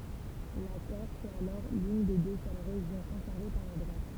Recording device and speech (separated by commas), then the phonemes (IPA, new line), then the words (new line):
temple vibration pickup, read sentence
la kɔʁs ɛt alɔʁ lyn de dø sœl ʁeʒjɔ̃ kɔ̃sɛʁve paʁ la dʁwat
La Corse est alors l'une des deux seules régions conservées par la droite.